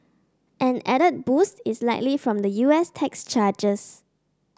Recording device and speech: standing microphone (AKG C214), read sentence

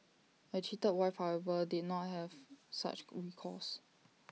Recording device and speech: mobile phone (iPhone 6), read sentence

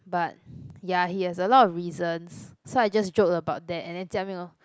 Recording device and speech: close-talking microphone, conversation in the same room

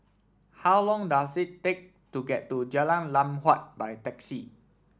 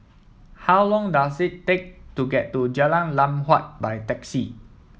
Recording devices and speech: standing microphone (AKG C214), mobile phone (iPhone 7), read sentence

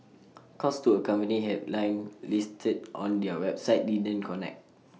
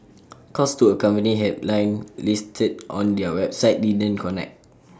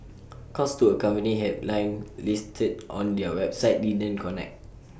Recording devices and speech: mobile phone (iPhone 6), standing microphone (AKG C214), boundary microphone (BM630), read sentence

